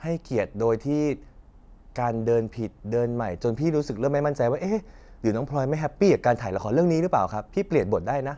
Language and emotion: Thai, frustrated